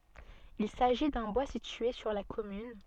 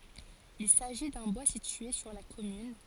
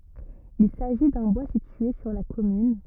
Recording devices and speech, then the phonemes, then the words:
soft in-ear microphone, forehead accelerometer, rigid in-ear microphone, read sentence
il saʒi dœ̃ bwa sitye syʁ la kɔmyn
Il s'agit d'un bois situé sur la commune.

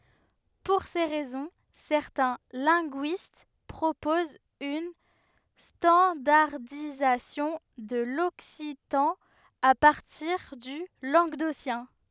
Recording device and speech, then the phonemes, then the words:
headset microphone, read sentence
puʁ se ʁɛzɔ̃ sɛʁtɛ̃ lɛ̃ɡyist pʁopozt yn stɑ̃daʁdizasjɔ̃ də lɔksitɑ̃ a paʁtiʁ dy lɑ̃ɡdosjɛ̃
Pour ces raisons, certains linguistes proposent une standardisation de l'occitan à partir du languedocien.

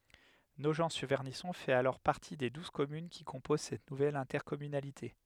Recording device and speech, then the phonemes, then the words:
headset microphone, read sentence
noʒɑ̃tsyʁvɛʁnisɔ̃ fɛt alɔʁ paʁti de duz kɔmyn ki kɔ̃poz sɛt nuvɛl ɛ̃tɛʁkɔmynalite
Nogent-sur-Vernisson fait alors partie des douze communes qui composent cette nouvelle intercommunalité.

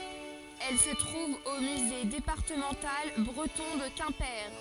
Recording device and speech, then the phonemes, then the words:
forehead accelerometer, read sentence
ɛl sə tʁuv o myze depaʁtəmɑ̃tal bʁətɔ̃ də kɛ̃pe
Elle se trouve au Musée départemental breton de Quimper.

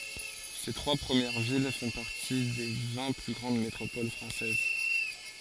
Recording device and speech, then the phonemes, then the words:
forehead accelerometer, read sentence
se tʁwa pʁəmjɛʁ vil fɔ̃ paʁti de vɛ̃ ply ɡʁɑ̃d metʁopol fʁɑ̃sɛz
Ces trois premières villes font partie des vingt plus grandes métropoles françaises.

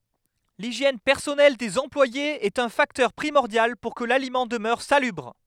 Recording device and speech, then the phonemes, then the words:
headset microphone, read sentence
liʒjɛn pɛʁsɔnɛl dez ɑ̃plwajez ɛt œ̃ faktœʁ pʁimɔʁdjal puʁ kə lalimɑ̃ dəmœʁ salybʁ
L'hygiène personnelle des employés est un facteur primordial pour que l'aliment demeure salubre.

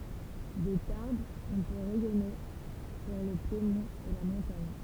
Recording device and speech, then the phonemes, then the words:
temple vibration pickup, read sentence
də taʁbz ɔ̃ pø ʁɛjɔne syʁ lə pjemɔ̃t e la mɔ̃taɲ
De Tarbes on peut rayonner sur le piémont et la montagne.

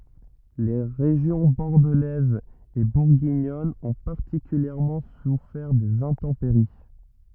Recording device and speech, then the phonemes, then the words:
rigid in-ear microphone, read sentence
le ʁeʒjɔ̃ bɔʁdəlɛz e buʁɡiɲɔn ɔ̃ paʁtikyljɛʁmɑ̃ sufɛʁ dez ɛ̃tɑ̃peʁi
Les régions bordelaise et bourguignonne ont particulièrement souffert des intempéries.

